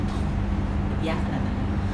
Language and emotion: Thai, frustrated